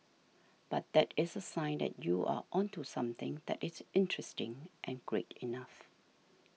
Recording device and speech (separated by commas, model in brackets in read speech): mobile phone (iPhone 6), read sentence